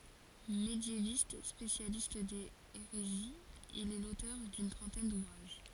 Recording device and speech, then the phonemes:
forehead accelerometer, read sentence
medjevist spesjalist dez eʁeziz il ɛ lotœʁ dyn tʁɑ̃tɛn duvʁaʒ

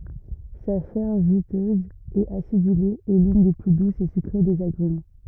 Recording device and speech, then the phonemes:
rigid in-ear microphone, read sentence
sa ʃɛʁ ʒytøz e asidyle ɛ lyn de ply dusz e sykʁe dez aɡʁym

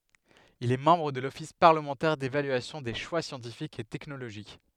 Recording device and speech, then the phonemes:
headset microphone, read sentence
il ɛ mɑ̃bʁ də lɔfis paʁləmɑ̃tɛʁ devalyasjɔ̃ de ʃwa sjɑ̃tifikz e tɛknoloʒik

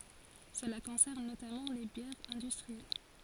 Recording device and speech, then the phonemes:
forehead accelerometer, read sentence
səla kɔ̃sɛʁn notamɑ̃ le bjɛʁz ɛ̃dystʁiɛl

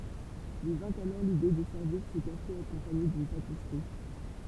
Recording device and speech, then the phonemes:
temple vibration pickup, read sentence
lyi vɛ̃t alɔʁ lide də sɛʁviʁ sə kafe akɔ̃paɲe dyn patisʁi

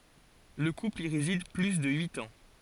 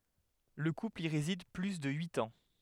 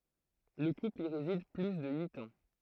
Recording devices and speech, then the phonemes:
forehead accelerometer, headset microphone, throat microphone, read sentence
lə kupl i ʁezid ply də yit ɑ̃

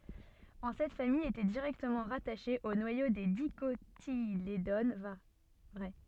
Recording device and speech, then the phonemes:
soft in-ear microphone, read sentence
ɑ̃ sɛt famij etɛ diʁɛktəmɑ̃ ʁataʃe o nwajo de dikotiledon vʁɛ

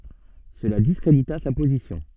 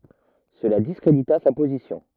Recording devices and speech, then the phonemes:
soft in-ear microphone, rigid in-ear microphone, read sentence
səla diskʁedita sa pozisjɔ̃

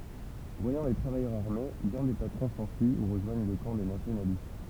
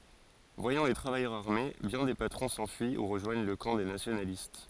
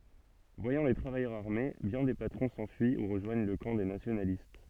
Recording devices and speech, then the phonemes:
temple vibration pickup, forehead accelerometer, soft in-ear microphone, read sentence
vwajɑ̃ le tʁavajœʁz aʁme bjɛ̃ de patʁɔ̃ sɑ̃fyi u ʁəʒwaɲ lə kɑ̃ de nasjonalist

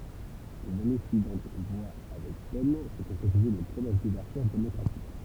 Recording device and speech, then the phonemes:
temple vibration pickup, read sentence
lez ane syivɑ̃t vwa avɛk pɛn sə kɔ̃kʁetize le pʁomɛs duvɛʁtyʁ demɔkʁatik

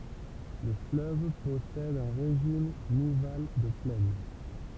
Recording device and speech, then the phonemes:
temple vibration pickup, read sentence
lə fløv pɔsɛd œ̃ ʁeʒim nival də plɛn

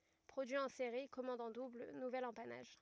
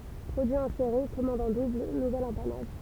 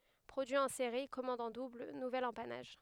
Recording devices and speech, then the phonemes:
rigid in-ear microphone, temple vibration pickup, headset microphone, read sentence
pʁodyi ɑ̃ seʁi kɔmɑ̃d ɑ̃ dubl nuvɛl ɑ̃panaʒ

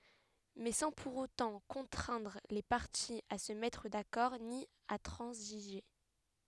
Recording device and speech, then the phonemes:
headset microphone, read sentence
mɛ sɑ̃ puʁ otɑ̃ kɔ̃tʁɛ̃dʁ le paʁtiz a sə mɛtʁ dakɔʁ ni a tʁɑ̃ziʒe

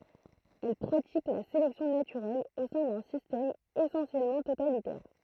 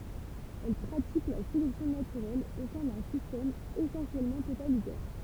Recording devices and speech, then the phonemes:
throat microphone, temple vibration pickup, read sentence
ɛl pʁatik la selɛksjɔ̃ natyʁɛl o sɛ̃ dœ̃ sistɛm esɑ̃sjɛlmɑ̃ totalitɛʁ

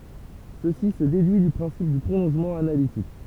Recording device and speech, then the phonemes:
temple vibration pickup, read sentence
səsi sə dedyi dy pʁɛ̃sip dy pʁolɔ̃ʒmɑ̃ analitik

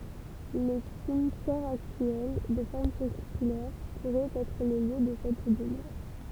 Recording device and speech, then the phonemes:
temple vibration pickup, read sentence
lə simtjɛʁ aktyɛl də fɔʁm siʁkylɛʁ puʁɛt ɛtʁ lə ljø də sɛt dəmœʁ

